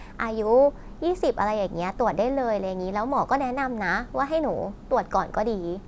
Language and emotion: Thai, neutral